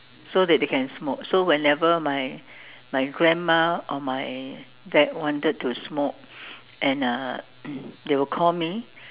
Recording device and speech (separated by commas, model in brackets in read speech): telephone, conversation in separate rooms